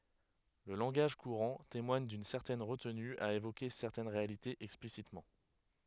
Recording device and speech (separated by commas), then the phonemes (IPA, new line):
headset microphone, read sentence
lə lɑ̃ɡaʒ kuʁɑ̃ temwaɲ dyn sɛʁtɛn ʁətny a evoke sɛʁtɛn ʁealitez ɛksplisitmɑ̃